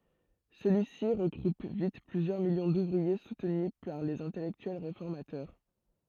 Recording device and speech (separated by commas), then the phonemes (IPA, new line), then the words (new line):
throat microphone, read sentence
səlyi si ʁəɡʁup vit plyzjœʁ miljɔ̃ duvʁie sutny paʁ lez ɛ̃tɛlɛktyɛl ʁefɔʁmatœʁ
Celui-ci regroupe vite plusieurs millions d'ouvriers soutenus par les intellectuels réformateurs.